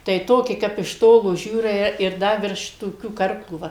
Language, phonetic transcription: Lithuanian, tai ˈtoki ˈkap iš ˈtolo ˈžiūrai ir ˈda virš toˈkių ˈkarklų ˈva

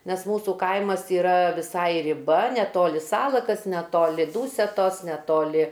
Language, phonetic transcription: Lithuanian, ˈnes ˈmūsų ˈkaimas yˈra viˈsai riˈba neˈtoli ˈsalakas neˈtoli ˈdūsetos neˈtoli

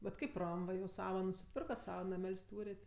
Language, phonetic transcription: Lithuanian, bet ˈkaip ˈram ˈva jau ˈsava nusiˈpirkat ˈsava naˈmel's' ˈtūrėt'

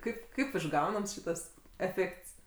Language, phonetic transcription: Lithuanian, ˈkaip kaip išˈgaunams ˈšytas eˈfėkts

